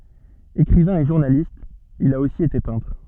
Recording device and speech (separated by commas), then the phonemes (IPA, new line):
soft in-ear microphone, read sentence
ekʁivɛ̃ e ʒuʁnalist il a osi ete pɛ̃tʁ